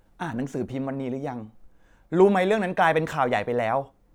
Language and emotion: Thai, frustrated